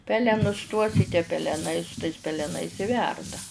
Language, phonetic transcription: Lithuanian, ˈpelenus tuos i tie peleˈnai peleˈnais i ˈverda

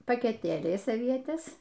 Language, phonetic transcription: Lithuanian, pakeˈtėliais aˈvietes

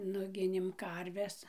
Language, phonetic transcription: Lithuanian, ˈnuginėm ˈkarves

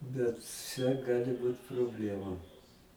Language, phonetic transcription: Lithuanian, bet ˈčia ˈgali ˈbūt probˈlemu

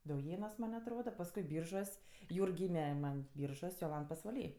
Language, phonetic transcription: Lithuanian, dauˈjėnuos ˈman' atˈroda pasˈkui ˈbyržuos ˈjūrg ˈgyme ˈman ˈbyržuos' joˈlant pasvaˈly

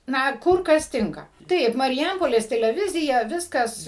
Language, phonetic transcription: Lithuanian, ˈna ˈkur ˈkas ˈtinka ˈtaip mariˈjampolės teleˈvizija ˈviskas

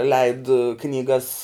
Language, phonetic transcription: Lithuanian, leid knyˈgas

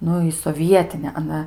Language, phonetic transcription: Lithuanian, ˈnu i soˈvietine aˈna

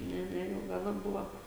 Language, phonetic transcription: Lithuanian, ˈne ˈne jau ˈgana ˈbuva

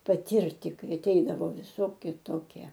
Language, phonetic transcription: Lithuanian, paˈtyrti ˈkai aˈteidavo viˈsoki ˈtokie

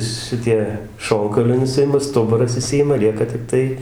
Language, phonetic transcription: Lithuanian, ˈšitie ˈšonkauliai nuˈsiima ˈstuburas iˈšsijima ˈlieka tikˈtai

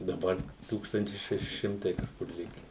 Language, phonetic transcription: Lithuanian, daˈbar ˈtūkstantis ˈšeši ˈšimtai kažˈkur ˈlike

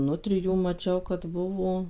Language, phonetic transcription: Lithuanian, ˈnutrijų maˈčiau kad ˈbuvo

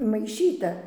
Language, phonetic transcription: Lithuanian, maiˈšyta

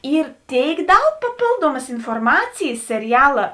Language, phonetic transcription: Lithuanian, ˈyr ˈtėik ˈdaug paˈpėlduomas inforˈmacijis seriˈjala

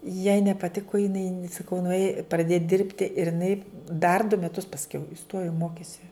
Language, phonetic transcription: Lithuanian, jai nepaˈtiku jiˈnai saˈkau nuˈėj praˈdėj ˈdirbti ir iˈnai dar du meˈtus pasˈkiau iˈstojo ˈmokėsi

